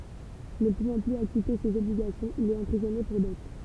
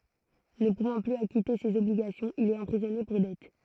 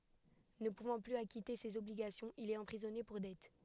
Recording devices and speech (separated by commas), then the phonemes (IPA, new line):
temple vibration pickup, throat microphone, headset microphone, read sentence
nə puvɑ̃ plyz akite sez ɔbliɡasjɔ̃z il ɛt ɑ̃pʁizɔne puʁ dɛt